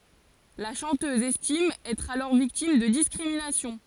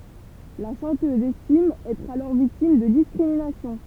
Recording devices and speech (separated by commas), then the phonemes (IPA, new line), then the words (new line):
forehead accelerometer, temple vibration pickup, read sentence
la ʃɑ̃tøz ɛstim ɛtʁ alɔʁ viktim də diskʁiminasjɔ̃
La chanteuse estime être alors victime de discriminations.